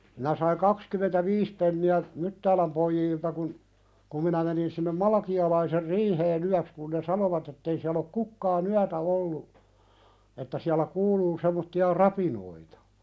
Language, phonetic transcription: Finnish, minä saiŋ 'kakskymentä"viis penni₍ä , "Myttääläm poijiilta kun , ku minä menin sinnem "Malakialaiser "riihee'n ‿yäks kun ne "sanovat ettei siäl ‿ok "kukkaa"n ‿yätä ollu , että siälä "kuuluu semmotti₍a 'rapinoita .
- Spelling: minä sain kaksikymmentäviisi penniä Myttäälän pojilta kun kun minä menin sinne Malakialaisen riiheen yöksi kun ne sanoivat että ei siellä ole kukaan yötä ollut että siellä kuuluu semmoisia rapinoita

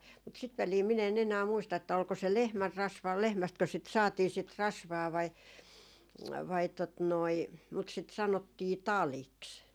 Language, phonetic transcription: Finnish, mut 'sit välii min ‿en enää 'muista että 'olko se "lehmärrasvaa 'lehmästkö sit saatii sit "rasvaa vai , vai tot noi , mut sit 'sanottii "taliks .
- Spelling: mutta sitä väliä minä en enää muista että oliko se lehmänrasvaa lehmästäkö sitä saatiin sitä rasvaa vai vai tuota noin mutta sitä sanottiin taliksi

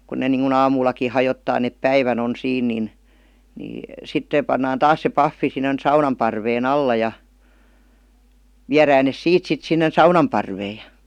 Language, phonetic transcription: Finnish, kun ne niŋku'n ‿aamuullaki 'hajottaa nep "päivän ‿on 'siin nin , ni , 'sit (se) pannaan "taas se "paffi sinnen 'saunam parvee"n ‿alla ja , 'viärään nes "siit sit sinnen̬ "saunam parvee JA .
- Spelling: kun ne niin kuin aamullakin hajottaa ne päivän on siinä niin niin sitten se pannaan taas se pahvi sinne saunan parven alla ja viedään ne siitä sitten sinne saunan parveen ja

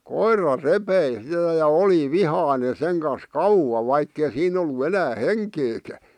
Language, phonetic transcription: Finnish, koira "repei sⁱtä ja "oli "vihàⁱne seŋ kas "kauwa vaikkei 'siin ‿ollu 'enää "heŋkeekä , .
- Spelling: koira repi sitä ja oli vihainen sen kanssa kauan vaikka ei siinä ollut enää henkeäkään

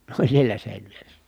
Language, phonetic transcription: Finnish, ne oĺ sielä sèinvieres .
- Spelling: ne oli siellä seinävieressä

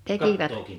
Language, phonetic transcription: Finnish, 'tekivät .
- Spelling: tekivät

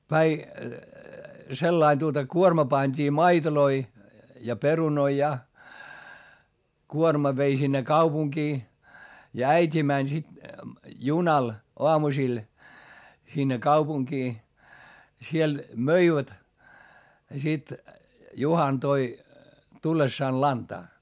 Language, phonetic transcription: Finnish, sellain tuota kuorma pańD'ii maitoloi , ja perunoi ja , kuorma vei sinne kaupuŋkii , ja äit́i mäń sit , junal , oamusil , sinne kaupuŋkii , ja siel möivät , ja sit Juhan toi , tullessaan lantaa .
- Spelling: sellainen tuota kuorma pantiin maitoja ja perunoita ja kuorma vei sinne kaupunkiin ja äiti meni sitten junalla aamusilla sinne kaupunkiin ja siellä möivät ja sitten Juhana toi tullessaan lantaa

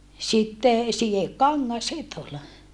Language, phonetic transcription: Finnish, sitte , sijekkaŋŋas sit ‿ol .
- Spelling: sitten sidekangas sitten oli

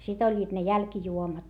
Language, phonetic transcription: Finnish, sit ‿oĺĺiit ne jälkⁱjuomat .
- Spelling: sitten olivat ne jälkijuomat

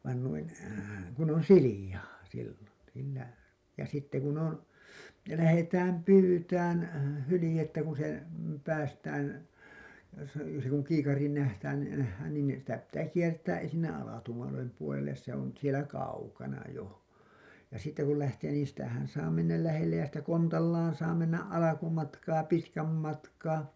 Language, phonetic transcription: Finnish, vain nuin , kun ‿on "siliʲa§a§ , siilon , siinä , ja sitte kun on , 'lähetääm "pyytään , 'hylĭjettä kun se , päästään , se , se kuŋ 'kiikariin nähtään , nähhään niin , sitä pittää 'kiert̀ää’ ’esinnä 'alatuu(lem) puolelles se ‿on sielä "kaukana 'jo , ja sitte kul lähtee niin sitähän saa mennäl 'lähellej ja sitä 'kontallaan saa mennä’ ’alakumatkaa 'pitkäm matkaa .
- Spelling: vaan noin kun on sileää silloin siinä ja sitten kun on lähdetään pyytämään hyljettä kun se päästään se se kun kiikariin nähdään nähdään niin sitä pitää kiertää ensinnä alatuulen puolelle se on siellä kaukana jo ja sitten kun lähtee niin sitähän saa mennä lähelle ja sitä kontallaan saa mennä alkumatkaa pitkän matkaa

